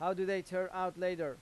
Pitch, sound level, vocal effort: 185 Hz, 95 dB SPL, loud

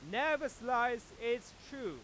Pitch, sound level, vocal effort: 240 Hz, 104 dB SPL, very loud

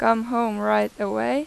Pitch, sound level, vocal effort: 225 Hz, 90 dB SPL, loud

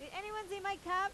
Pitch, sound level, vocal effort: 395 Hz, 95 dB SPL, very loud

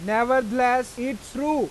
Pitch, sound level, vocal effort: 250 Hz, 96 dB SPL, loud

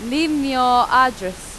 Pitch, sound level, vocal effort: 250 Hz, 94 dB SPL, very loud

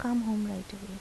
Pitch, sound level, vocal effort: 205 Hz, 76 dB SPL, soft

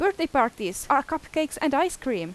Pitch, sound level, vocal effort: 285 Hz, 88 dB SPL, very loud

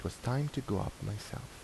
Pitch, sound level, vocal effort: 105 Hz, 76 dB SPL, soft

